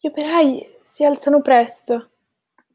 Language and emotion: Italian, surprised